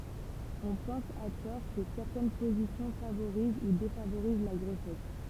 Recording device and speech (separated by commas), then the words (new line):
temple vibration pickup, read sentence
On pense à tort que certaines positions favorisent ou défavorisent la grossesse.